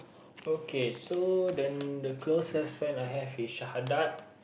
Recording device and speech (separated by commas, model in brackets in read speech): boundary microphone, conversation in the same room